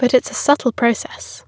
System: none